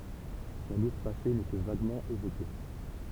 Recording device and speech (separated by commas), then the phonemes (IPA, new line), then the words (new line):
temple vibration pickup, read sentence
sɔ̃ luʁ pase nɛ kə vaɡmɑ̃ evoke
Son lourd passé n'est que vaguement évoqué.